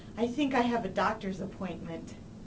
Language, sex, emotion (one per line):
English
female
neutral